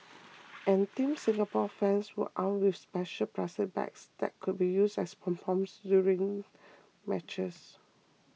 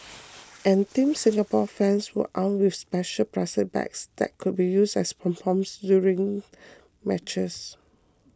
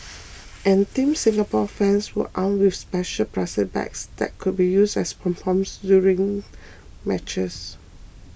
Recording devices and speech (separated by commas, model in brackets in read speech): mobile phone (iPhone 6), close-talking microphone (WH20), boundary microphone (BM630), read sentence